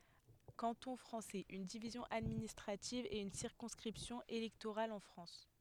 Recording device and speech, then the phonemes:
headset microphone, read sentence
kɑ̃tɔ̃ fʁɑ̃sɛz yn divizjɔ̃ administʁativ e yn siʁkɔ̃skʁipsjɔ̃ elɛktoʁal ɑ̃ fʁɑ̃s

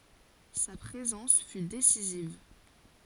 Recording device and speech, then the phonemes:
forehead accelerometer, read sentence
sa pʁezɑ̃s fy desiziv

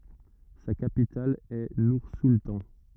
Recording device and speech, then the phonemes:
rigid in-ear microphone, read sentence
sa kapital ɛ nuʁsultɑ̃

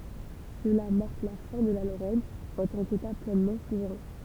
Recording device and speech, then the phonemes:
temple vibration pickup, read sentence
səla maʁk la fɛ̃ də la loʁɛn ɑ̃ tɑ̃ keta plɛnmɑ̃ suvʁɛ̃

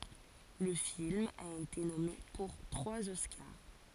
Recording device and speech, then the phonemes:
forehead accelerometer, read sentence
lə film a ete nɔme puʁ tʁwaz ɔskaʁ

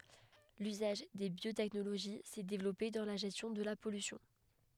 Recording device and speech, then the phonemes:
headset microphone, read sentence
lyzaʒ de bjotɛknoloʒi sɛ devlɔpe dɑ̃ la ʒɛstjɔ̃ də la pɔlysjɔ̃

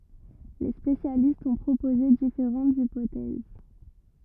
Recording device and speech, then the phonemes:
rigid in-ear microphone, read sentence
le spesjalistz ɔ̃ pʁopoze difeʁɑ̃tz ipotɛz

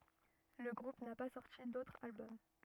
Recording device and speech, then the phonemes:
rigid in-ear microphone, read sentence
lə ɡʁup na pa sɔʁti dotʁ albɔm

